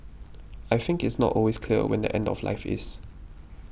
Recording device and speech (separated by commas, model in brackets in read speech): boundary microphone (BM630), read sentence